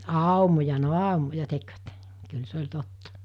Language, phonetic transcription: Finnish, àumoja no 'àumoja 'tekvät , kyl 'se oĺ 'totta .
- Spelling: aumoja no aumoja tekivät kyllä se oli totta

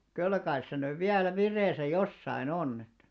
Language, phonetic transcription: Finnish, kyl kais se nyv 'viälä "vir̆§reesä "jossai'n ‿onn ‿ettᴀ̈ .
- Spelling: kyllä kai se nyt vielä vireessä jossakin on että

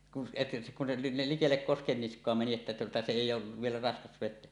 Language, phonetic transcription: Finnish, kun se , kun se nil 'likellek 'koskennisk̀oa meni että tuota se "èij̆j ‿oov vielä 'raskas 'vet̆teä .
- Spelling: kun se kun se niin likelle koskenniskaa meni että tuota se ei ole vielä raskas vetää

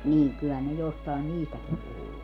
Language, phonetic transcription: Finnish, 'niiŋ kyllähän ne 'jostàen "niistäkim puhuu .
- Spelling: niin kyllähän ne jostakin niistäkin puhuu

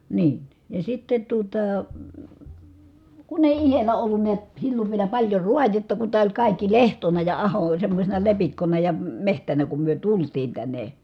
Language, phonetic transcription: Finnish, niin , ja sitte tuota , kun ‿èi ihelä ollun niät , sillov vielä paĺjo ruajetta ku tää oĺ kàikki lehtona ja aho oĺ semmośena lepikkona ja , mehtänä kum myö tultiin tänne .
- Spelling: niin ja sitten tuota kun ei itsellä ollut näet silloin vielä paljon raadetta kun tämä oli kaikki lehtona ja aho oli semmoisena lepikkona ja metsänä kun me tultiin tänne

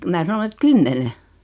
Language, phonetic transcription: Finnish, mää 'sanon et "kymmene .
- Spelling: minä sanoin että kymmenen

